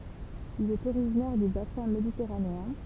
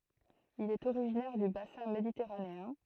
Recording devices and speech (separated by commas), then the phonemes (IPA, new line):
temple vibration pickup, throat microphone, read sentence
il ɛt oʁiʒinɛʁ dy basɛ̃ meditɛʁaneɛ̃